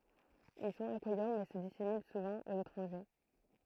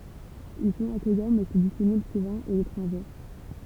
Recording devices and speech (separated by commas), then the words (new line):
throat microphone, temple vibration pickup, read sentence
Ils sont accueillants mais se dissimulent souvent aux étrangers.